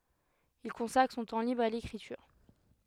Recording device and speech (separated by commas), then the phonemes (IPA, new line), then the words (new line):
headset microphone, read sentence
il kɔ̃sakʁ sɔ̃ tɑ̃ libʁ a lekʁityʁ
Il consacre son temps libre à l’écriture.